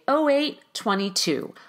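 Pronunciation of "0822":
The pitch goes down at the end of '0822'.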